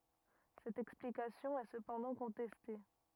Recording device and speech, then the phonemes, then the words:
rigid in-ear microphone, read sentence
sɛt ɛksplikasjɔ̃ ɛ səpɑ̃dɑ̃ kɔ̃tɛste
Cette explication est cependant contestée.

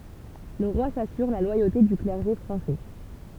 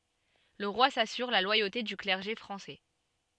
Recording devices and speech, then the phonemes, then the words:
temple vibration pickup, soft in-ear microphone, read sentence
lə ʁwa sasyʁ la lwajote dy klɛʁʒe fʁɑ̃sɛ
Le roi s'assure la loyauté du clergé français.

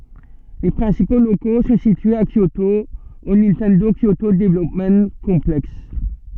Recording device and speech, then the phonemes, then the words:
soft in-ear microphone, read sentence
le pʁɛ̃sipo loko sɔ̃ sityez a kjoto o nintɛndo kjoto dəvlɔpm kɔ̃plɛks
Les principaux locaux sont situés à Kyoto au Nintendo Kyoto Development Complex.

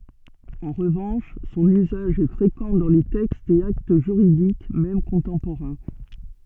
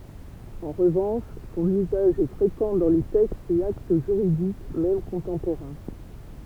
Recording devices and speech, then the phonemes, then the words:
soft in-ear microphone, temple vibration pickup, read sentence
ɑ̃ ʁəvɑ̃ʃ sɔ̃n yzaʒ ɛ fʁekɑ̃ dɑ̃ le tɛkstz e akt ʒyʁidik mɛm kɔ̃tɑ̃poʁɛ̃
En revanche son usage est fréquent dans les textes et actes juridiques même contemporains.

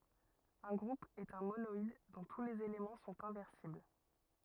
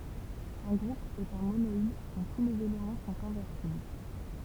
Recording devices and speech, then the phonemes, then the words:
rigid in-ear microphone, temple vibration pickup, read sentence
œ̃ ɡʁup ɛt œ̃ monɔid dɔ̃ tu lez elemɑ̃ sɔ̃t ɛ̃vɛʁsibl
Un groupe est un monoïde dont tous les éléments sont inversibles.

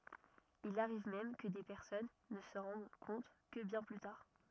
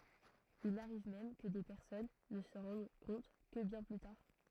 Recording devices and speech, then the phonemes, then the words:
rigid in-ear microphone, throat microphone, read sentence
il aʁiv mɛm kə de pɛʁsɔn nə sɑ̃ ʁɑ̃d kɔ̃t kə bjɛ̃ ply taʁ
Il arrive même que des personnes ne s'en rendent compte que bien plus tard.

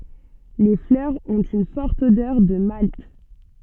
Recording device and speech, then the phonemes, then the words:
soft in-ear microphone, read sentence
le flœʁz ɔ̃t yn fɔʁt odœʁ də malt
Les fleurs ont une forte odeur de malt.

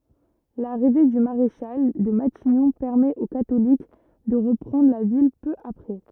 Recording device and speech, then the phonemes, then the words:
rigid in-ear microphone, read sentence
laʁive dy maʁeʃal də matiɲɔ̃ pɛʁmɛt o katolik də ʁəpʁɑ̃dʁ la vil pø apʁɛ
L'arrivée du maréchal de Matignon permet aux catholiques de reprendre la ville peu après.

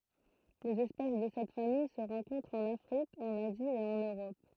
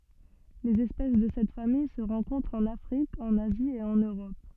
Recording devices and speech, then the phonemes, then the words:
throat microphone, soft in-ear microphone, read sentence
lez ɛspɛs də sɛt famij sə ʁɑ̃kɔ̃tʁt ɑ̃n afʁik ɑ̃n azi e ɑ̃n øʁɔp
Les espèces de cette famille se rencontrent en Afrique, en Asie et en Europe.

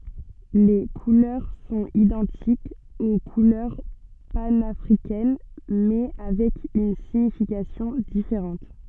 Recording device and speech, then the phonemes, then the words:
soft in-ear microphone, read sentence
le kulœʁ sɔ̃t idɑ̃tikz o kulœʁ panafʁikɛn mɛ avɛk yn siɲifikasjɔ̃ difeʁɑ̃t
Les couleurs sont identiques aux couleurs panafricaines, mais avec une signification différente.

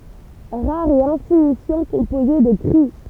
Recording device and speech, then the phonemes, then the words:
temple vibration pickup, read sentence
ʁaʁ e ɛ̃siɲifjɑ̃ kɔ̃poze də kʁi
Rare et insignifiant, composé de cris.

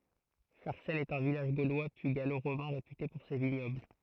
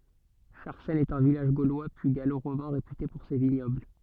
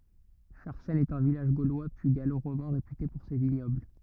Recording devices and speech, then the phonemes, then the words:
throat microphone, soft in-ear microphone, rigid in-ear microphone, read sentence
ʃaʁsɛn ɛt œ̃ vilaʒ ɡolwa pyi ɡalo ʁomɛ̃ ʁepyte puʁ se viɲɔbl
Charcenne est un village gaulois puis gallo-romain réputé pour ses vignobles.

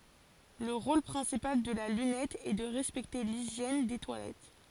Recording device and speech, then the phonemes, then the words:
forehead accelerometer, read sentence
lə ʁol pʁɛ̃sipal də la lynɛt ɛ də ʁɛspɛkte liʒjɛn de twalɛt
Le rôle principal de la lunette est de respecter l'hygiène des toilettes.

